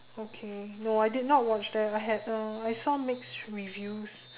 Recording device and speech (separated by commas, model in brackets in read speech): telephone, conversation in separate rooms